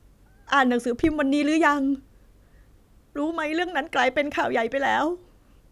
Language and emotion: Thai, sad